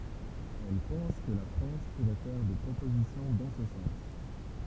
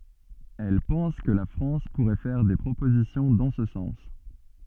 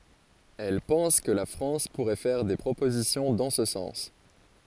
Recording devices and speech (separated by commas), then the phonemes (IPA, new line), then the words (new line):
temple vibration pickup, soft in-ear microphone, forehead accelerometer, read sentence
ɛl pɑ̃s kə la fʁɑ̃s puʁɛ fɛʁ de pʁopozisjɔ̃ dɑ̃ sə sɑ̃s
Elle pense que la France pourrait faire des propositions dans ce sens.